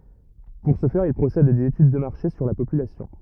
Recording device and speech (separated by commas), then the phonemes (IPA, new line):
rigid in-ear microphone, read sentence
puʁ sə fɛʁ il pʁosɛdt a dez etyd də maʁʃe syʁ la popylasjɔ̃